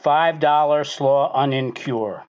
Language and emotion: English, surprised